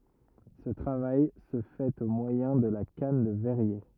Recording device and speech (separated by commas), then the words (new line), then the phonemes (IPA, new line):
rigid in-ear microphone, read sentence
Ce travail se fait au moyen de la canne de verrier.
sə tʁavaj sə fɛt o mwajɛ̃ də la kan də vɛʁje